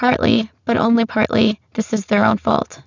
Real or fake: fake